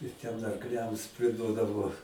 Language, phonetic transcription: Lithuanian, ir ten arkˈliams priˈduodavo

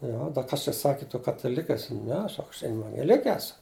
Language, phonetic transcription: Lithuanian, ˈjo ˈda ˈkas čia ˈsaki tu kataˈlik' aˈsi ˈne ˈsak aš evangeˈlike ˈesu

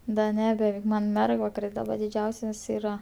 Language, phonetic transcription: Lithuanian, da ˈne beˈveik ˈman ˈmergvakaris daˈba diˈdžiausias ˈyra

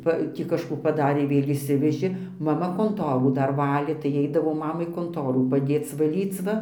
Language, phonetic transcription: Lithuanian, ˈpa ˈtį kažˈkų paˈdarė ˈvėl' išˈsivežė maˈma konˈtorų ˈdar ˈvalė tai eidavau ˈmamai konˈtorų paˈdėc vaˈlyc ˈva

